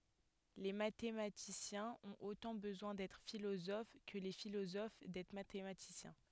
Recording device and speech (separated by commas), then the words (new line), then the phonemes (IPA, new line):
headset microphone, read sentence
Les mathématiciens ont autant besoin d'être philosophes que les philosophes d'être mathématiciens.
le matematisjɛ̃z ɔ̃t otɑ̃ bəzwɛ̃ dɛtʁ filozof kə le filozof dɛtʁ matematisjɛ̃